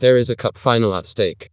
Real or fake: fake